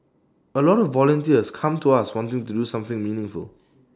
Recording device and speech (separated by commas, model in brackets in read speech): standing microphone (AKG C214), read sentence